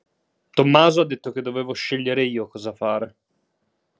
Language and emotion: Italian, neutral